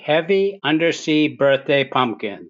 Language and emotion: English, fearful